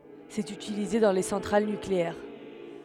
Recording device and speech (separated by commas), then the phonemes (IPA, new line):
headset microphone, read sentence
sɛt ytilize dɑ̃ le sɑ̃tʁal nykleɛʁ